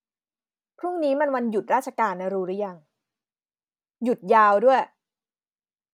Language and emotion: Thai, frustrated